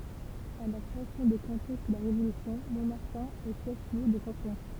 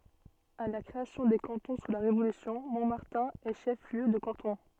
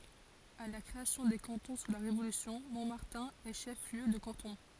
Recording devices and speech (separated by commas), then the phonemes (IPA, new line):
temple vibration pickup, soft in-ear microphone, forehead accelerometer, read sentence
a la kʁeasjɔ̃ de kɑ̃tɔ̃ su la ʁevolysjɔ̃ mɔ̃maʁtɛ̃ ɛ ʃɛf ljø də kɑ̃tɔ̃